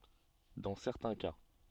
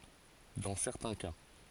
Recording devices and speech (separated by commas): soft in-ear microphone, forehead accelerometer, read sentence